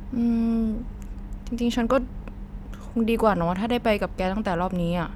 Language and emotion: Thai, frustrated